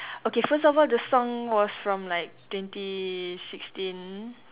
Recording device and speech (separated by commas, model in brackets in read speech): telephone, conversation in separate rooms